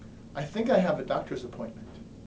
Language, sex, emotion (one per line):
English
male
neutral